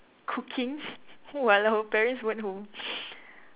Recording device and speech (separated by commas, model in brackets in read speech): telephone, conversation in separate rooms